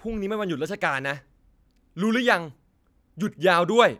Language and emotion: Thai, angry